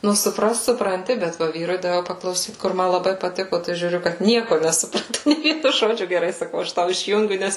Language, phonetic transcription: Lithuanian, ˈnu suˈprast supranˈti bet ˈva ˈvyrui daˈviau paklauˈsyt kur ˈma laˈbai paˈtiko tai žiūˈriu kad ˈnieko nesuˈprato nė ˈvienu ˈžodžiu geˈrai saˈkau ˈaš ˈtau išˈjungiu ˈnes

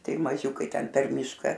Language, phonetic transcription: Lithuanian, ˈtai maˈžiūkai ˈten per ˈmyška

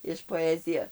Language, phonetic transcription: Lithuanian, iš poˈezija

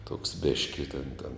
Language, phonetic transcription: Lithuanian, tuoks ˈbėški ten ten

